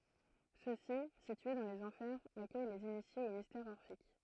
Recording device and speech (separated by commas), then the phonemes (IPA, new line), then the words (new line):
throat microphone, read sentence
søksi sitye dɑ̃ lez ɑ̃fɛʁz akœj lez inisjez o mistɛʁz ɔʁfik
Ceux-ci, situés dans les Enfers, accueillent les initiés aux mystères orphiques.